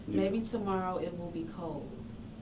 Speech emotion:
neutral